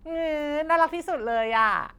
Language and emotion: Thai, happy